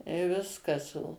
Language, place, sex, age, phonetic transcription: Lithuanian, Suvalkija, female, 60+, i ˈviskas o

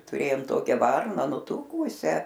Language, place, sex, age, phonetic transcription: Lithuanian, Aukštaitija, female, 60+, tuˈrėjom ˈtokia ˈvarna nuˈtūkūsią

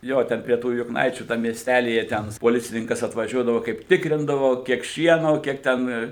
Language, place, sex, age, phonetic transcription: Lithuanian, Suvalkija, male, 60+, ˈjo ˈten prie ˈtų jukˈnaičių ˈtam miesˈtælyje ˈten poˈlicininkas atvaˈžiuodavo ˈkaip ˈtikrindavo ˈkiek ˈšieno ˈkiek ten

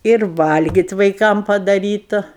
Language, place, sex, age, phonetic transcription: Lithuanian, Aukštaitija, female, 60+, ir ˈvalgit' vaiˈkam padaˈrytu

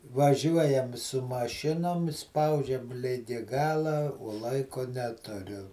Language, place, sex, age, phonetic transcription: Lithuanian, Žemaitija, male, 60+, vaˈžiuojam su maˈšinom ˈspaudžiam ˈligi ˈgala o ˈlaiko ˈneturiu

